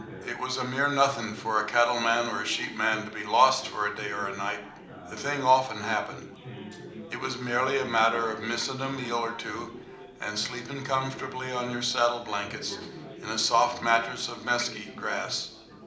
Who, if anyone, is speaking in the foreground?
One person.